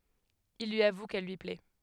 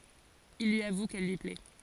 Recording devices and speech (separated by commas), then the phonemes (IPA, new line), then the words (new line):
headset microphone, forehead accelerometer, read sentence
il lyi avu kɛl lyi plɛ
Il lui avoue qu'elle lui plaît.